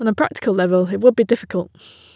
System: none